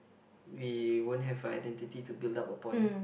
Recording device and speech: boundary microphone, conversation in the same room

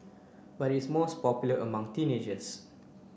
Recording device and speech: boundary microphone (BM630), read sentence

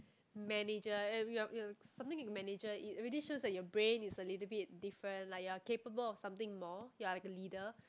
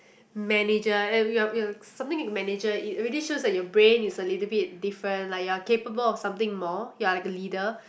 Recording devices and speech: close-talking microphone, boundary microphone, conversation in the same room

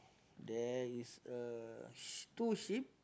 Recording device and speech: close-talking microphone, conversation in the same room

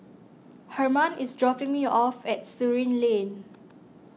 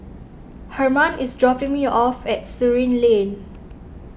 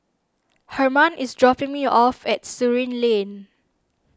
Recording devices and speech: mobile phone (iPhone 6), boundary microphone (BM630), standing microphone (AKG C214), read sentence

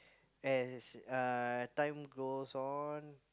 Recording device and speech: close-talking microphone, conversation in the same room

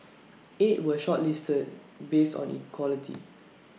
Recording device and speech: mobile phone (iPhone 6), read sentence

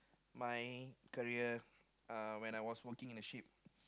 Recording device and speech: close-talking microphone, conversation in the same room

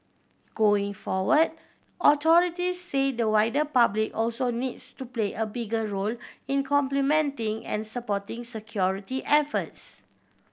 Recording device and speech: boundary microphone (BM630), read sentence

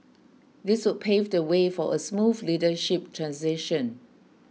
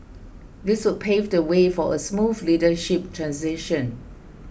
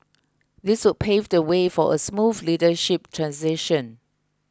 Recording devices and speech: mobile phone (iPhone 6), boundary microphone (BM630), close-talking microphone (WH20), read sentence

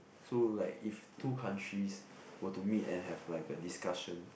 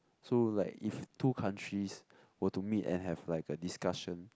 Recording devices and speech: boundary microphone, close-talking microphone, conversation in the same room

